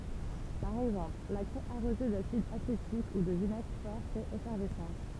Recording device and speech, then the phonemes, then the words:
temple vibration pickup, read sentence
paʁ ɛɡzɑ̃pl la kʁɛ aʁoze dasid asetik u də vinɛɡʁ fɔʁ fɛt efɛʁvɛsɑ̃s
Par exemple, la craie arrosée d'acide acétique ou de vinaigre fort fait effervescence.

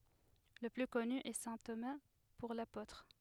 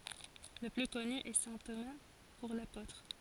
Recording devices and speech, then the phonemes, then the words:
headset microphone, forehead accelerometer, read sentence
lə ply kɔny ɛ sɛ̃ toma puʁ lapotʁ
Le plus connu est saint Thomas pour l'apôtre.

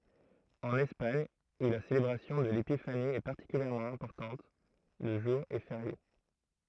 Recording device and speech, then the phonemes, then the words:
throat microphone, read sentence
ɑ̃n ɛspaɲ u la selebʁasjɔ̃ də lepifani ɛ paʁtikyljɛʁmɑ̃ ɛ̃pɔʁtɑ̃t lə ʒuʁ ɛ feʁje
En Espagne, où la célébration de l'Épiphanie est particulièrement importante, le jour est férié.

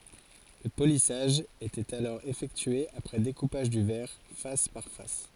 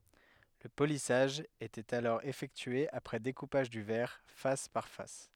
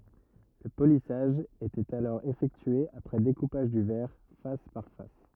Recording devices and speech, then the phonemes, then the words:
forehead accelerometer, headset microphone, rigid in-ear microphone, read sentence
lə polisaʒ etɛt alɔʁ efɛktye apʁɛ dekupaʒ dy vɛʁ fas paʁ fas
Le polissage était alors effectué après découpage du verre, face par face.

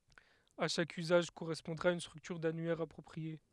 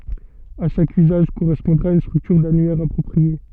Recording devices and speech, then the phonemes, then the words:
headset microphone, soft in-ear microphone, read sentence
a ʃak yzaʒ koʁɛspɔ̃dʁa yn stʁyktyʁ danyɛʁ apʁɔpʁie
À chaque usage correspondra une structure d'annuaire appropriée.

